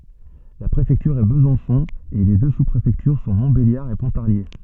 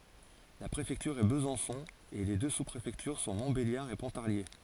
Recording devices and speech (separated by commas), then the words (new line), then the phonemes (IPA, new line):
soft in-ear microphone, forehead accelerometer, read sentence
La préfecture est Besançon et les deux sous-préfectures sont Montbéliard et Pontarlier.
la pʁefɛktyʁ ɛ bəzɑ̃sɔ̃ e le dø su pʁefɛktyʁ sɔ̃ mɔ̃tbeljaʁ e pɔ̃taʁlje